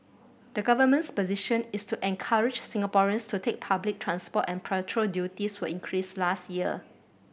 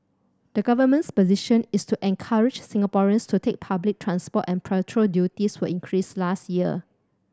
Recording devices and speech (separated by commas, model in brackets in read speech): boundary microphone (BM630), standing microphone (AKG C214), read sentence